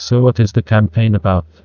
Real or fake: fake